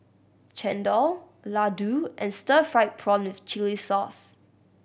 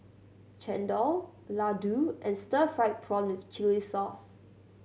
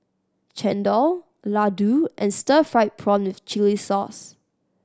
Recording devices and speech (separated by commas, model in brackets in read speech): boundary microphone (BM630), mobile phone (Samsung C7100), standing microphone (AKG C214), read sentence